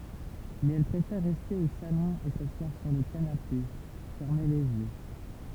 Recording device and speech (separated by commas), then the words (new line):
temple vibration pickup, read sentence
Mais elle préfère rester au salon et s'asseoir sur le canapé, fermer les yeux.